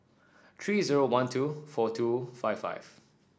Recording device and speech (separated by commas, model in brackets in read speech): standing microphone (AKG C214), read sentence